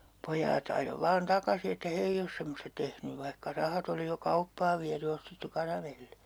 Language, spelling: Finnish, ja pojat ajoi vain takaisin että he ei ole semmoista tehnyt vaikka rahat oli jo kauppaan viety ja ostettu karamelliä
- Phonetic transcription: ja , 'poj̆jaat ajo vaan 'takasi että "he 'eij ‿os semmosta tehny 'vaihka 'rahat ‿oli jo "kauppaav viäty (ja) 'ostettu "karamelli₍Ä .

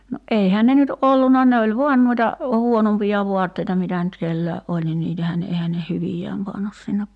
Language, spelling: Finnish, no eihän ne nyt ollut ne oli vain noita huonompia vaatteita mitä nyt kenelläkin oli niin niitähän ne eihän ne hyviään pannut sinne
- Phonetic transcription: no '’eihää ne nyt '’olluna 'ne oĺ "vuan nuita , 'huonompija 'vuatteita 'mitä nyt 'kelläe’ "’oĺ ni 'niitähää ne 'ehä ne "hyvijääm 'pannus sinne ,.

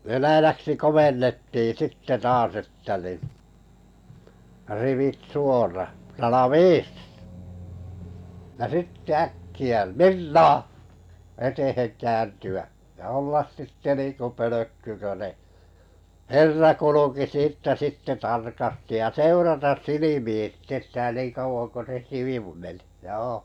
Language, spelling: Finnish, venäjäksi komennettiin sitten taas että niin rivit suora ralaviis ja sitten äkkiä mirnaa eteen kääntyä ja olla sitten niin kuin pölkky kun ne herra kulki siitä sitten tarkasti ja seurata silmiin sitten sitä niin kauan kuin se sivu meni joo
- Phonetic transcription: 'venäjäksi "komennettii sitte 'taas että ni , » rivit 'suora , 'rala"viis « , ja 'sitte 'äkki₍ä » 'mir"na « , 'etehen käänty₍ä , ja 'ollas sitte 'niinkö "pölökky kö 'ne , "herra 'kuluki 'siittä sitte 'tarkasti ja "seuratas 'silimiin̬ sⁱtte 'sitä niiŋ 'kauvoŋ ko 'se ('sivu) meni , "joo .

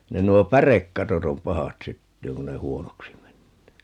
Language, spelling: Finnish, ne nuo pärekatot on pahat syttymään kun ne huonoksi menee
- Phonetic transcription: 'ne 'nuo "pärekkatot ‿om "pahat 'syttyyŋ 'kun ne "huonoksi 'mennee .

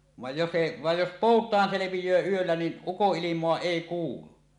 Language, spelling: Finnish, vaan jos se vaan jos poutaan selviää yöllä niin ukonilmaa ei kuulu
- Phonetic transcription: vàej jos se , vaj jos "pòut̀aan 'selevij̀öö yöllä nin , "ukoˀˀilim̀oa "èi 'kuulu .

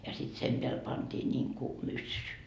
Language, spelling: Finnish, ja sitten sen päälle pantiin niin kuin myssy
- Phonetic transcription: ja sit 'sem peäl pantii ńiŋku , 'myssy .

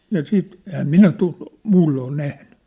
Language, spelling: Finnish, ja sitten enhän minä - muulloin ole nähnyt
- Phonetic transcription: ja 'siit , ehäm "minä tu- , 'muulloo oi 'nähnʏ .

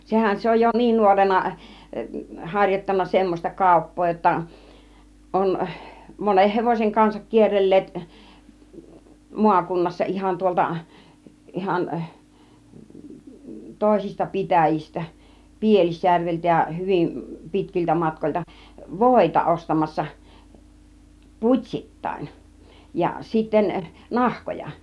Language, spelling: Finnish, sehän se on jo niin nuorena harjoittanut semmoista kauppaa jotta on monen hevosen kanssa kierrelleet maakunnassa ihan tuolta ihan toisista pitäjistä Pielisjärveltä ja hyvin pitkiltä matkoilta voita ostamassa putsittain ja sitten nahkoja
- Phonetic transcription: 'sehän se oj jo "niin 'nuorena , 'haŕjottanna semmos͕ta "kàup̆poo jotta , on 'moneh 'hevòseŋ kansak 'kierrel̀leet , 'muakunnassa 'ˀihan tuolta , 'ˀihan , 'tòisista "pitä̀jistä , "Pielisjärveltä ja 'hyvim "pitkiltä 'matkoĭlta , "vòita 'ostamassa , "put́śittain , ja sitten , "nahkoja .

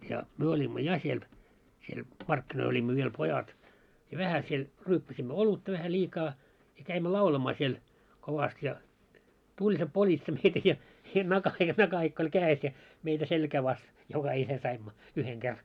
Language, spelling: Finnish, ja me olimme ja siellä siellä markkinoilla olimme vielä pojat ja vähän siellä ryyppäsimme olutta vähän liikaa ja kävimme laulamaan siellä kovasti ja tuli se politsa meitä ja ja - ja nakahikka oli kädessä ja meitä selkään vasten jokainen saimme yhden kerran
- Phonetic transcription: ja , 'myö oĺimmo "ja siel , siel "markkinoil oĺimmo viel 'pojat , ja 'vähä siel , 'ryyppäsimmö "olutta vähä 'ĺiikaa , ja käimmö 'laulamaa siel , kovast ja , 'tuĺ se 'politsa meitä ja , ja nakah- ja 'nakahikk ‿oĺ 'kää₍es ja , meitä 'selkää vas , 'jokahine saimmo , 'yheŋ 'ker .

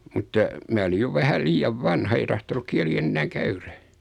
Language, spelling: Finnish, mutta minä olin jo vähän liian vanha ei tahtonut kieli enää käydä
- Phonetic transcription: mutta , 'mää olij jo vähäl 'liijav "vanha ei tahtonuk 'kiäli "ennääŋ 'käyrä .

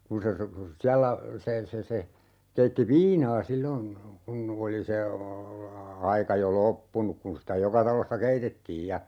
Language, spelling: Finnish, kun se siellä se se se keitti viinaa silloin kun oli se aika jo loppunut kun sitä joka talossa keitettiin ja
- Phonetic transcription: 'kun se , 'siällä , 'se , se se , 'keitti "viinaa 'sillon , 'kun , 'oli se , 'aika jo "loppunuk kun sitä 'joka talossa "keitettiij ja , .

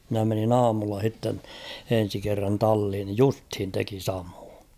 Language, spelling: Finnish, minä menin aamulla sitten ensi kerran talliin niin justiin teki samoin
- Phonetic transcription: mⁱnä menin ‿"aamulla h̬itten , 'en̬si kerran 'talhin (ni) "justhin 'teki 'samᴏᴏᴊ .

